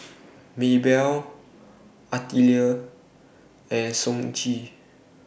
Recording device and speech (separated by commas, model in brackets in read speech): boundary microphone (BM630), read sentence